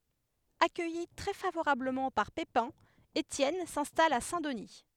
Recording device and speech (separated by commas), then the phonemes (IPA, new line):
headset microphone, read sentence
akœji tʁɛ favoʁabləmɑ̃ paʁ pepɛ̃ etjɛn sɛ̃stal a sɛ̃ dəni